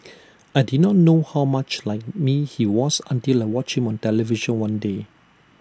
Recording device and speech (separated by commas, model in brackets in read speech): standing microphone (AKG C214), read sentence